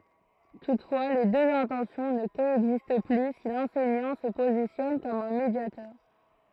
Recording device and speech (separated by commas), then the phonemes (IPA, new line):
throat microphone, read sentence
tutfwa le døz ɛ̃tɑ̃sjɔ̃ nə koɛɡzist ply si lɑ̃sɛɲɑ̃ sə pozisjɔn kɔm œ̃ medjatœʁ